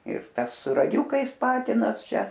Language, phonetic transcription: Lithuanian, ir ˈtas su raˈgiukais ˈpatinas ˈčia

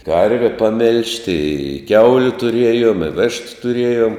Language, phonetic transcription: Lithuanian, ˈkarve paˈmilžti i ˈkiauliu tuˈriejom i ˈvištu tuˈriejom

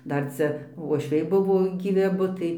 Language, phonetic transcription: Lithuanian, ˈdar ˈcia vuošˈviai ˈbuvo gyˈvi aˈbu tai

